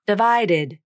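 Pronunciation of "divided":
In 'divided', the d before the ending becomes a flap, and the final 'id' syllable is unstressed.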